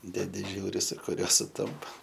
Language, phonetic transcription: Lithuanian, deˈdi ˈžiūri su kuˈriuo suˈtampa

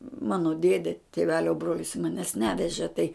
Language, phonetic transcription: Lithuanian, ˈmano ˈdėdė tėˈvelio ˈbrolis maˈnęs ˈnevežė tai

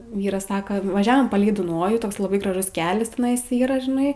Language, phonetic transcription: Lithuanian, ˈvyras ˈsaka vaˈžiavom ˈpalei duˈnojų ˈtoks laˈbai graˈžus ˈkelias teˈnais ˈyra žiˈnai

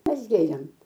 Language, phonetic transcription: Lithuanian, ˈmes ˈgėrėm

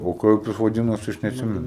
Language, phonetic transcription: Lithuanian, o ˈkaip jis vaˈdinosi aš netˈsimenu

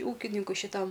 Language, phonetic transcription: Lithuanian, ˈūkininkui šiˈtam

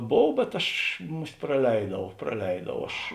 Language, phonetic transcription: Lithuanian, ˈbov bet ˈaš ˈmus't' praˈleidau praˈleidau ˈaš

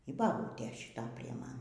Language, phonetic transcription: Lithuanian, y baˈbūtė šiˈta prie ˈman

